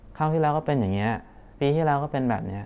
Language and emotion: Thai, frustrated